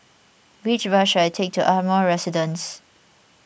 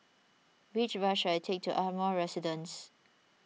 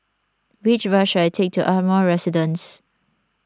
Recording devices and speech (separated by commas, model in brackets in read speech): boundary microphone (BM630), mobile phone (iPhone 6), standing microphone (AKG C214), read sentence